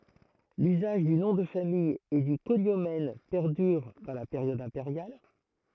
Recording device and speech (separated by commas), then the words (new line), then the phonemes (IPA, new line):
throat microphone, read sentence
L’usage du nom de famille et du cognomen perdure dans la période impériale.
lyzaʒ dy nɔ̃ də famij e dy koɲomɛn pɛʁdyʁ dɑ̃ la peʁjɔd ɛ̃peʁjal